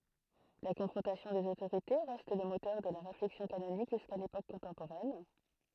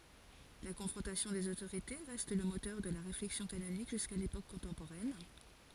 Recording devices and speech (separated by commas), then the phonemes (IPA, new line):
throat microphone, forehead accelerometer, read sentence
la kɔ̃fʁɔ̃tasjɔ̃ dez otoʁite ʁɛst lə motœʁ də la ʁeflɛksjɔ̃ kanonik ʒyska lepok kɔ̃tɑ̃poʁɛn